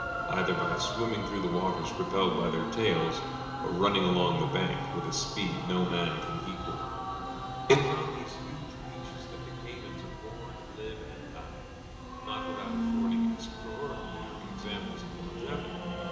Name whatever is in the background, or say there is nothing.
Music.